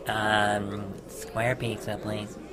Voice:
in nasally voice